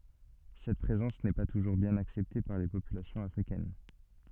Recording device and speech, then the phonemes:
soft in-ear microphone, read sentence
sɛt pʁezɑ̃s nɛ pa tuʒuʁ bjɛ̃n aksɛpte paʁ le popylasjɔ̃z afʁikɛn

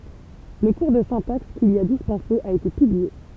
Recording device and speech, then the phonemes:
temple vibration pickup, read sentence
lə kuʁ də sɛ̃taks kil i a dispɑ̃se a ete pyblie

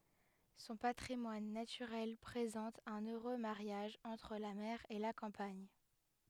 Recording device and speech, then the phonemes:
headset microphone, read sentence
sɔ̃ patʁimwan natyʁɛl pʁezɑ̃t œ̃n øʁø maʁjaʒ ɑ̃tʁ la mɛʁ e la kɑ̃paɲ

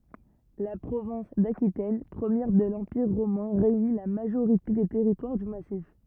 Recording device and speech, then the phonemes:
rigid in-ear microphone, read sentence
la pʁovɛ̃s dakitɛn pʁəmjɛʁ də lɑ̃piʁ ʁomɛ̃ ʁeyni la maʒoʁite de tɛʁitwaʁ dy masif

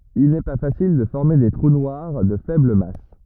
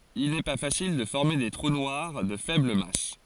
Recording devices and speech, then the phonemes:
rigid in-ear microphone, forehead accelerometer, read sentence
il nɛ pa fasil də fɔʁme de tʁu nwaʁ də fɛbl mas

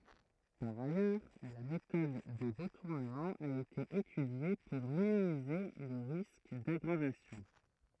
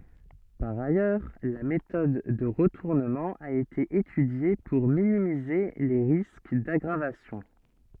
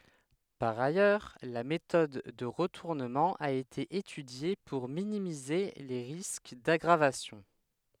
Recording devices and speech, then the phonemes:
throat microphone, soft in-ear microphone, headset microphone, read sentence
paʁ ajœʁ la metɔd də ʁətuʁnəmɑ̃ a ete etydje puʁ minimize le ʁisk daɡʁavasjɔ̃

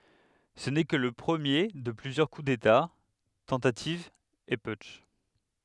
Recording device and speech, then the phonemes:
headset microphone, read sentence
sə nɛ kə lə pʁəmje də plyzjœʁ ku deta tɑ̃tativz e putʃ

